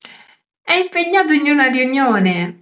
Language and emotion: Italian, happy